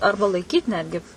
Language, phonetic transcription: Lithuanian, ˈarba laiˈkyt ˈnetgi

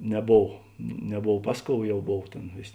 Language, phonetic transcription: Lithuanian, neˈbov neˈbov ˈpas ˌkou ˈjau ˈbov ˈtėn ˈvės'

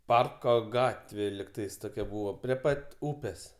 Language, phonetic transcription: Lithuanian, ˈparko ˈgatvė ligˈtais ˈtokia ˈbūvo prie ˈpat' ˈūpės

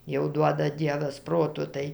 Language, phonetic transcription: Lithuanian, jau ˈduoda ˈdievas ˈproto ˈtai

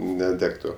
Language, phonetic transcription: Lithuanian, neˈdegtu

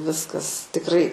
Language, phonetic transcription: Lithuanian, ˈviskas tikˈrai

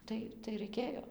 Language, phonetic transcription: Lithuanian, ˈtai tai raiˈkėjo

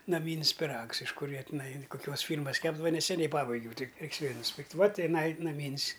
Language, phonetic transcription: Lithuanian, naˈmyn's' piˈrags iš ˈkur ˈjie tiˈnai koˈkiuos ˈfyrmas ˈkepdava neseˈniai ˈpabaigiau ˈtik ˈreiks ˈvėl' nusˈpirkt' ˈva tiˈnai naˈmyn's'

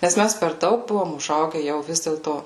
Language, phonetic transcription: Lithuanian, nes ˈmæs per ˈdaug ˈbuvom uˈžauge ˈjau ˈvis dėlto

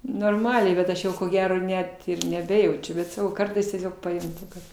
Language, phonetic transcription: Lithuanian, norˈmaliai bet ˈaš jau ko ˈgero ˈnet neˈbejaučiu ˈbet saˈkau ˈkartais tieˈsiog pajunˈti kad

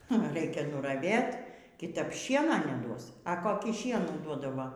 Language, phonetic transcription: Lithuanian, ˈnu ˈraikia nuraˈvėt kiˈtap ˈšiena neˈduos a koˈkį ˈšienų ˈduodava

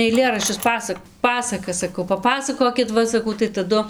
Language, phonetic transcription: Lithuanian, aiˈlėraščius ˈpasak ˈpasakas saˈkau paˈpasakokit ˈva saˈkau tai taˈdu

